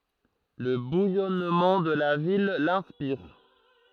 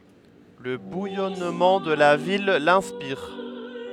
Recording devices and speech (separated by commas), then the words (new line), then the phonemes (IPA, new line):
throat microphone, headset microphone, read sentence
Le bouillonnement de la ville l'inspire.
lə bujɔnmɑ̃ də la vil lɛ̃spiʁ